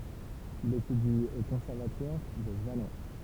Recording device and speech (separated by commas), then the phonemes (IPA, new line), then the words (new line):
temple vibration pickup, read sentence
il etydi o kɔ̃sɛʁvatwaʁ də valɑ̃s
Il étudie au Conservatoire de Valence.